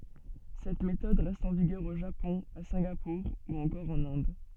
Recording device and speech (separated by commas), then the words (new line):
soft in-ear microphone, read sentence
Cette méthode reste en vigueur au Japon, à Singapour ou encore en Inde.